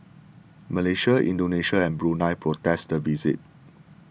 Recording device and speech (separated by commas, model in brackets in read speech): boundary microphone (BM630), read sentence